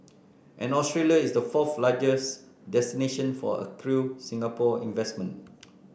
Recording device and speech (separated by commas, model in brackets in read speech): boundary microphone (BM630), read sentence